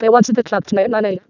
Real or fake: fake